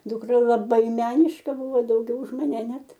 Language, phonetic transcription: Lithuanian, duˈkra laˈbai ˈmeniška ˈbuvo dauˈgiau už maˈne ˈnet

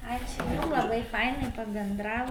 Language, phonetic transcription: Lithuanian, ˈačiu jum laˈbai ˈfainai pabenˈdravo

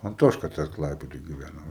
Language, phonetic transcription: Lithuanian, anˈtoška ˈtas ˈklaipedoj giˈvæna

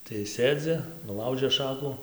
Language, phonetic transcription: Lithuanian, tai ˈsėdzi nuˈlaužė ˈšaku

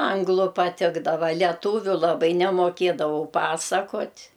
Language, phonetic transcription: Lithuanian, ˈanglu paˈtikdava leˈtūviu laˈbai nemoˈkėdavau ˈpasakot'

